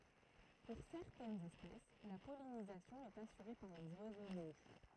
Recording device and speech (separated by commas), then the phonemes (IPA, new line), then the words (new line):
throat microphone, read sentence
puʁ sɛʁtɛnz ɛspɛs la pɔlinizasjɔ̃ ɛt asyʁe paʁ lez wazo muʃ
Pour certaines espèces, la pollinisation est assurée par les oiseaux-mouches.